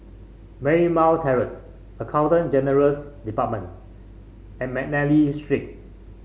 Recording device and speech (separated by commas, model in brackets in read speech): mobile phone (Samsung C5), read sentence